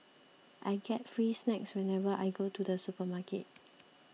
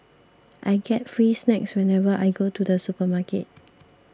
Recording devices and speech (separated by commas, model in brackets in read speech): mobile phone (iPhone 6), standing microphone (AKG C214), read sentence